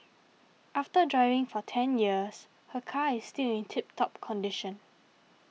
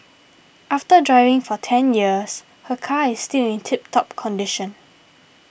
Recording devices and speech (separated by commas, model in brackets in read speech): mobile phone (iPhone 6), boundary microphone (BM630), read sentence